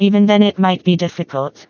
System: TTS, vocoder